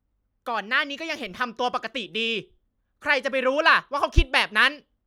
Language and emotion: Thai, angry